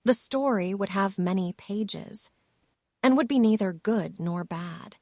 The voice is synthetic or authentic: synthetic